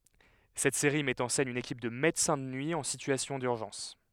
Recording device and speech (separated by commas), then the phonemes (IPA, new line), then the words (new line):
headset microphone, read sentence
sɛt seʁi mɛt ɑ̃ sɛn yn ekip də medəsɛ̃ də nyi ɑ̃ sityasjɔ̃ dyʁʒɑ̃s
Cette série met en scène une équipe de médecins de nuit en situation d'urgence.